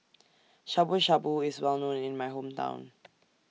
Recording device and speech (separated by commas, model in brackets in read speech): mobile phone (iPhone 6), read sentence